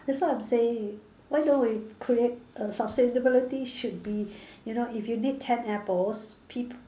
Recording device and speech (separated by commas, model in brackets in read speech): standing microphone, conversation in separate rooms